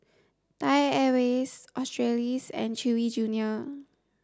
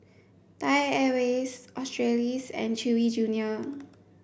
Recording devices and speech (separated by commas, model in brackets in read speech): standing microphone (AKG C214), boundary microphone (BM630), read sentence